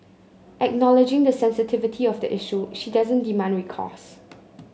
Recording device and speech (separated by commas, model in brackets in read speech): mobile phone (Samsung C9), read sentence